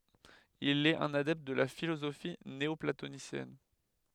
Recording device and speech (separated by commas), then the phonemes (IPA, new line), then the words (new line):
headset microphone, read sentence
il ɛt œ̃n adɛpt də la filozofi neɔplatonisjɛn
Il est un adepte de la philosophie néoplatonicienne.